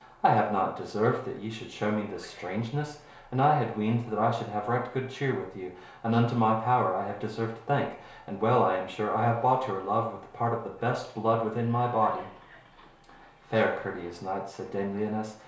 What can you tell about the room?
A compact room (about 3.7 m by 2.7 m).